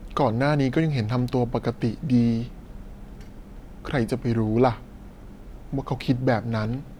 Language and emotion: Thai, frustrated